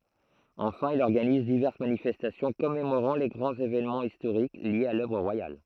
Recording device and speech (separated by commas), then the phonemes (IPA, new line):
throat microphone, read sentence
ɑ̃fɛ̃ il ɔʁɡaniz divɛʁs manifɛstasjɔ̃ kɔmemoʁɑ̃ le ɡʁɑ̃z evenmɑ̃z istoʁik ljez a lœvʁ ʁwajal